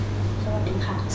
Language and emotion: Thai, neutral